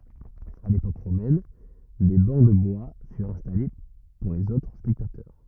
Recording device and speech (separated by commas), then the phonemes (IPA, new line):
rigid in-ear microphone, read sentence
a lepok ʁomɛn de bɑ̃ də bwa fyʁt ɛ̃stale puʁ lez otʁ spɛktatœʁ